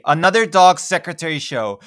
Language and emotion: English, sad